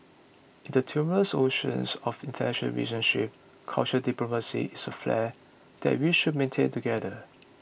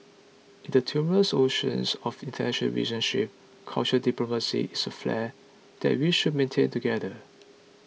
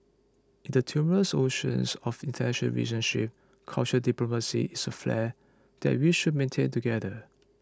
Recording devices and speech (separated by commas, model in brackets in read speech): boundary microphone (BM630), mobile phone (iPhone 6), close-talking microphone (WH20), read sentence